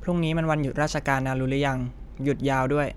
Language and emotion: Thai, neutral